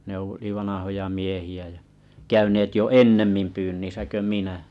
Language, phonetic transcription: Finnish, ne oli’ 'vanahoja 'miehi₍ä jä , 'käyneet jo "ennemmim pyynnisä kö 'minä .
- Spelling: ne oli vanhoja miehiä ja käyneet jo ennemmin pyynnissä kuin minä

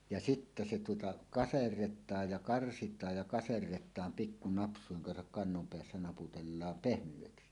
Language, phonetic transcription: Finnish, ja 'sittä se tuota , "kaserret̆taaj ja 'karsit̀aaj ja kaserret̀aam pikku 'naps̀uiŋ kansak kannom peässä 'naputellaam "pehmyʷeksi .
- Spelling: ja sitten se tuota kaserretaan ja karsitaan ja kaserretaan pikku napsujen kanssa kannon päässä naputellaan pehmeäksi

